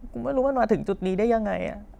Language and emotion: Thai, sad